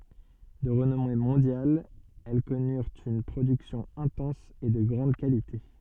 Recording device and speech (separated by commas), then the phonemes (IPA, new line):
soft in-ear microphone, read sentence
də ʁənɔme mɔ̃djal ɛl kɔnyʁt yn pʁodyksjɔ̃ ɛ̃tɑ̃s e də ɡʁɑ̃d kalite